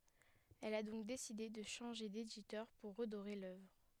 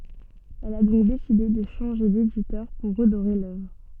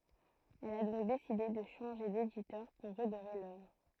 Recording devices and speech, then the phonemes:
headset microphone, soft in-ear microphone, throat microphone, read sentence
ɛl a dɔ̃k deside də ʃɑ̃ʒe deditœʁ puʁ ʁədoʁe lœvʁ

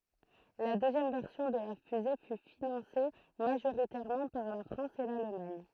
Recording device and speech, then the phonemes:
throat microphone, read sentence
la døzjɛm vɛʁsjɔ̃ də la fyze fy finɑ̃se maʒoʁitɛʁmɑ̃ paʁ la fʁɑ̃s e lalmaɲ

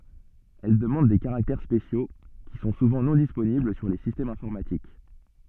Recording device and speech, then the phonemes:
soft in-ear microphone, read sentence
ɛl dəmɑ̃d de kaʁaktɛʁ spesjo ki sɔ̃ suvɑ̃ nɔ̃ disponibl syʁ le sistɛmz ɛ̃fɔʁmatik

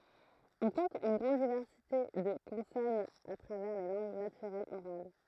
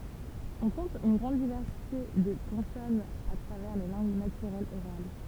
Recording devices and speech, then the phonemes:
throat microphone, temple vibration pickup, read sentence
ɔ̃ kɔ̃t yn ɡʁɑ̃d divɛʁsite də kɔ̃sɔnz a tʁavɛʁ le lɑ̃ɡ natyʁɛlz oʁal

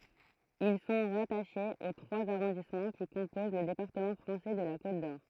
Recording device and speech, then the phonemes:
throat microphone, read sentence
il sɔ̃ ʁataʃez o tʁwaz aʁɔ̃dismɑ̃ ki kɔ̃poz lə depaʁtəmɑ̃ fʁɑ̃sɛ də la kot dɔʁ

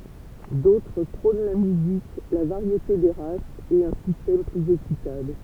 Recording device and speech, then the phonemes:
temple vibration pickup, read sentence
dotʁ pʁɔ̃n la myzik la vaʁjete de ʁasz e œ̃ sistɛm plyz ekitabl

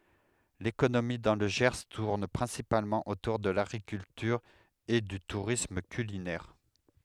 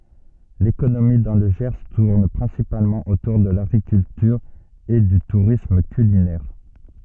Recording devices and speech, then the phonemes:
headset microphone, soft in-ear microphone, read sentence
lekonomi dɑ̃ lə ʒɛʁ tuʁn pʁɛ̃sipalmɑ̃ otuʁ də laɡʁikyltyʁ e dy tuʁism kylinɛʁ

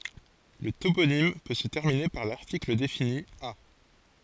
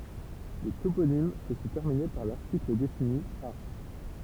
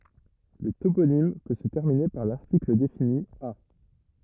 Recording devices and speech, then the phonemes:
forehead accelerometer, temple vibration pickup, rigid in-ear microphone, read sentence
lə toponim pø sə tɛʁmine paʁ laʁtikl defini a

